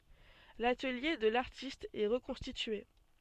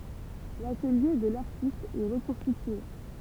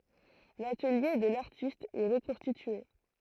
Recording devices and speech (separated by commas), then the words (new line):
soft in-ear microphone, temple vibration pickup, throat microphone, read sentence
L'atelier de l'artiste est reconstitué.